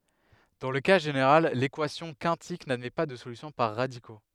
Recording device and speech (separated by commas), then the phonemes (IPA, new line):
headset microphone, read sentence
dɑ̃ lə ka ʒeneʁal lekwasjɔ̃ kɛ̃tik nadmɛ pa də solysjɔ̃ paʁ ʁadiko